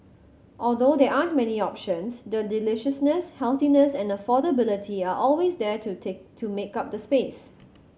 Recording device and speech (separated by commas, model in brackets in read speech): mobile phone (Samsung C7100), read sentence